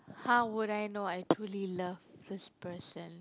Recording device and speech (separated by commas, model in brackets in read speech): close-talking microphone, conversation in the same room